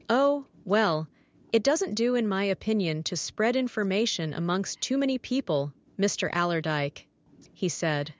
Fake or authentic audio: fake